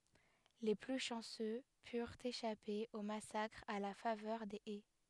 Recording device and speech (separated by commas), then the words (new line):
headset microphone, read sentence
Les plus chanceux purent échapper au massacre à la faveur des haies.